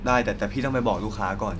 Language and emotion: Thai, frustrated